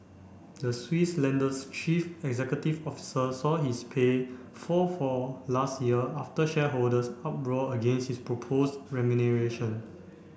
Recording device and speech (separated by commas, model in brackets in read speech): boundary microphone (BM630), read sentence